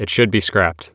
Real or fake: real